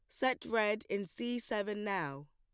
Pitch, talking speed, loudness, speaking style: 210 Hz, 170 wpm, -36 LUFS, plain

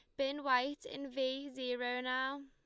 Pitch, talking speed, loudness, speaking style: 265 Hz, 160 wpm, -37 LUFS, Lombard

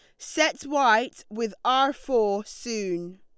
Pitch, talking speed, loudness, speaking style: 230 Hz, 120 wpm, -25 LUFS, Lombard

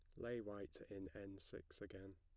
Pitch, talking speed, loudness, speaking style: 95 Hz, 185 wpm, -53 LUFS, plain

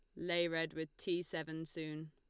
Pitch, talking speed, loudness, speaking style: 160 Hz, 190 wpm, -40 LUFS, Lombard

